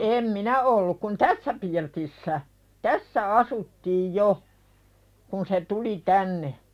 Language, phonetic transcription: Finnish, 'em "minä ’olluk kun "tässä pirtissä , "tässä 'asuttiij jo , kun se "tuli 'tänne .
- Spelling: en minä ollut kun tässä pirtissä tässä asuttiin jo kun se tuli tänne

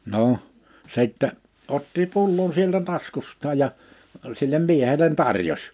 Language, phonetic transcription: Finnish, 'no , 'sìttɛ , otti 'pullon sieltä 'taskust̀aaj ja , 'sillem 'miehelen "tarjos .
- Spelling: no sitten otti pullon sieltä taskustaan ja sille miehelle tarjosi

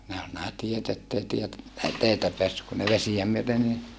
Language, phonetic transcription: Finnish, nää ol nää tiet ‿ettei tiet- , ei teitä peässyk kun ne vesijä myöte ni , .
- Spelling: nämä oli nämä tiet että ei - ei teitä päässyt kun ne vesiä myöten niin

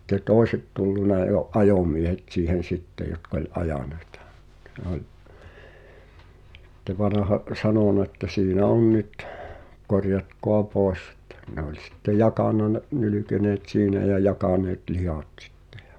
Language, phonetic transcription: Finnish, [si]tte "tòi̬set tulluna jo , "’ajomiehet siihen̬ "sitte jotk ‿oĺ "ajàneɪtᴀ , [sit]t̀e nᵉ ‿ol , (si)tte 'vanaha’ , ’o(l) "sanòna ᵉttä » 'siinä "on 'nyt , 'korjatkoa "pòesˢ ‿ᵉttä « , ne ‿oĺ sitte "jakànna ne’ , 'nylykeneet "siinä jä 'jakaneet "lihat 'sɪttᴇ ᴊᴀ .
- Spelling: sitten toiset tullut jo ajomiehet siihen sitten jotka oli ajaneita sitten ne oli sitten vanha oli sanonut että siinä on nyt korjatkaa pois että ne oli sitten jakanut ne nylkeneet siinä ja jakaneet lihat sitten ja

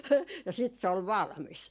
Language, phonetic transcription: Finnish, ja siit se ol "valmis .
- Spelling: ja sitten se oli valmis

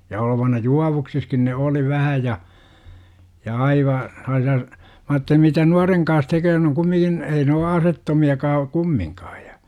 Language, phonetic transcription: Finnish, ja olovana "juavuksiskin ne "oli 'vähä ja , ja 'aiva , sellaasi₍a , mä aatteli mitä "nuareŋ kans 'teköö n ‿oŋ 'kummiŋkin , 'ei ne o "asettomi₍akaa , "kummiŋkaa ja .
- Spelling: ja olevinaan juovuksissakin ne oli vähän ja ja aivan sellaisia minä ajattelin mitä nuoren kanssa tekee ne on kumminkin ei ne ole aseettomiakaan kumminkaan ja

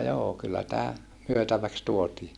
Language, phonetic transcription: Finnish, » » joo kyllä tää , myötäväks tuotii » .
- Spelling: joo kyllä tämä myytäväksi tuotiin

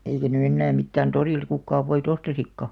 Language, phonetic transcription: Finnish, 'eikä ny 'ennää 'mittään "torìlᵗ 'kukkaav voi't ‿ostasikka .
- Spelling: eikä nyt enää mitään torilta kukaan voita ostaisikaan

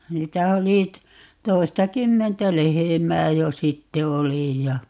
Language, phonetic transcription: Finnish, 'niitä oli t- , 'toista"kymmentä "lehemää 'jo "sitte 'oli ja ,.
- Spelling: niitä oli - toistakymmentä lehmää jo sitten oli ja

